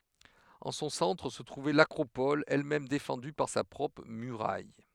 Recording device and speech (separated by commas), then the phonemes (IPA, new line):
headset microphone, read sentence
ɑ̃ sɔ̃ sɑ̃tʁ sə tʁuvɛ lakʁopɔl ɛlmɛm defɑ̃dy paʁ sa pʁɔpʁ myʁaj